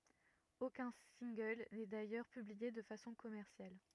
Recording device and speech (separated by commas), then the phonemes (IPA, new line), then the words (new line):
rigid in-ear microphone, read sentence
okœ̃ sɛ̃ɡl nɛ dajœʁ pyblie də fasɔ̃ kɔmɛʁsjal
Aucun single n'est d'ailleurs publié de façon commerciale.